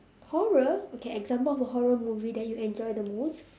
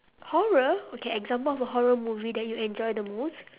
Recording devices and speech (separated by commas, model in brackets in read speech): standing microphone, telephone, conversation in separate rooms